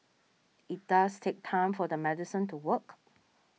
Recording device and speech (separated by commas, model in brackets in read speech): mobile phone (iPhone 6), read sentence